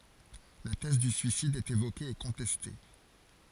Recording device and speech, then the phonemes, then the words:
forehead accelerometer, read sentence
la tɛz dy syisid ɛt evoke e kɔ̃tɛste
La thèse du suicide est évoquée et contestée.

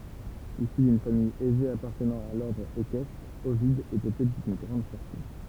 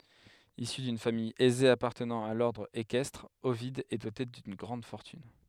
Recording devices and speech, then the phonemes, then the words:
temple vibration pickup, headset microphone, read sentence
isy dyn famij ɛze apaʁtənɑ̃ a lɔʁdʁ ekɛstʁ ovid ɛ dote dyn ɡʁɑ̃d fɔʁtyn
Issu d'une famille aisée appartenant à l'ordre équestre, Ovide est doté d'une grande fortune.

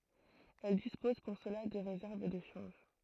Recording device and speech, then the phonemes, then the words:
throat microphone, read sentence
ɛl dispoz puʁ səla də ʁezɛʁv də ʃɑ̃ʒ
Elles disposent pour cela de réserves de change.

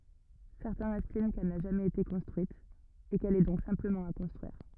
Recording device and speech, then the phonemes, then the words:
rigid in-ear microphone, read sentence
sɛʁtɛ̃z ɛstim kɛl na ʒamɛz ete kɔ̃stʁyit e kɛl ɛ dɔ̃k sɛ̃pləmɑ̃ a kɔ̃stʁyiʁ
Certains estiment qu'elle n'a jamais été construite, et qu'elle est donc simplement à construire.

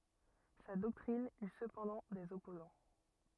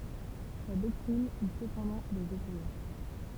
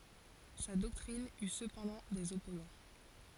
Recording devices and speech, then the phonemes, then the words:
rigid in-ear microphone, temple vibration pickup, forehead accelerometer, read sentence
sa dɔktʁin y səpɑ̃dɑ̃ dez ɔpozɑ̃
Sa doctrine eut cependant des opposants.

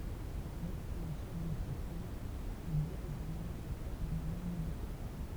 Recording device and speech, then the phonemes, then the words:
temple vibration pickup, read sentence
medəsɛ̃ e ʃɛf dɑ̃tʁəpʁiz il diʁiʒ œ̃ laboʁatwaʁ danaliz medikal
Médecin et chef d'entreprise, il dirige un laboratoire d'analyses médicales.

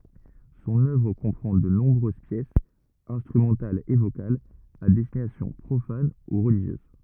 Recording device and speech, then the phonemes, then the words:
rigid in-ear microphone, read sentence
sɔ̃n œvʁ kɔ̃pʁɑ̃ də nɔ̃bʁøz pjɛsz ɛ̃stʁymɑ̃talz e vokalz a dɛstinasjɔ̃ pʁofan u ʁəliʒjøz
Son œuvre comprend de nombreuses pièces, instrumentales et vocales, à destination profane ou religieuse.

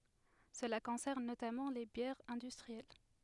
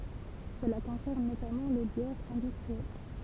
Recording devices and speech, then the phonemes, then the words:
headset microphone, temple vibration pickup, read sentence
səla kɔ̃sɛʁn notamɑ̃ le bjɛʁz ɛ̃dystʁiɛl
Cela concerne notamment les bières industrielles.

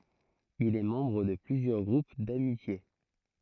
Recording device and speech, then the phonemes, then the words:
throat microphone, read sentence
il ɛ mɑ̃bʁ də plyzjœʁ ɡʁup damitje
Il est membre de plusieurs groupes d'amitié.

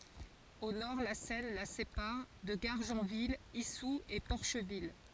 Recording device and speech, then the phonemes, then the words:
forehead accelerometer, read sentence
o nɔʁ la sɛn la sepaʁ də ɡaʁʒɑ̃vil isu e pɔʁʃvil
Au nord, la Seine la sépare de Gargenville, Issou et Porcheville.

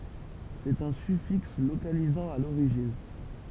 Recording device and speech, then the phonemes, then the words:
temple vibration pickup, read sentence
sɛt œ̃ syfiks lokalizɑ̃ a loʁiʒin
C'est un suffixe localisant à l'origine.

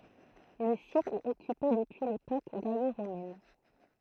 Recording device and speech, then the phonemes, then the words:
throat microphone, read sentence
lə sit ɛt ɔkype dəpyi lepok ɡalo ʁomɛn
Le site est occupé depuis l’époque gallo-romaine.

